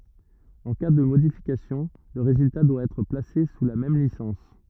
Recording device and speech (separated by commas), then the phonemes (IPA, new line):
rigid in-ear microphone, read sentence
ɑ̃ ka də modifikasjɔ̃ lə ʁezylta dwa ɛtʁ plase su la mɛm lisɑ̃s